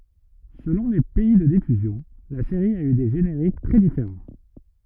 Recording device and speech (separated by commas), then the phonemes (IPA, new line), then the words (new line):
rigid in-ear microphone, read sentence
səlɔ̃ le pɛi də difyzjɔ̃ la seʁi a y de ʒeneʁik tʁɛ difeʁɑ̃
Selon les pays de diffusion, la série a eu des génériques très différents.